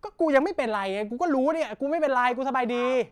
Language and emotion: Thai, angry